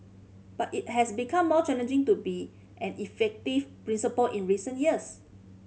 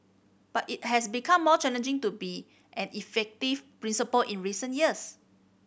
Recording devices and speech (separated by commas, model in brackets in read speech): mobile phone (Samsung C5010), boundary microphone (BM630), read sentence